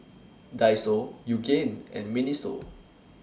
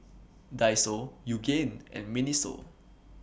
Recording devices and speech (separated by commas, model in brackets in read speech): standing microphone (AKG C214), boundary microphone (BM630), read sentence